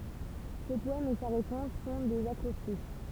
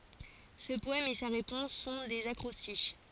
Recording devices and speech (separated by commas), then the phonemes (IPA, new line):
temple vibration pickup, forehead accelerometer, read sentence
sə pɔɛm e sa ʁepɔ̃s sɔ̃ dez akʁɔstiʃ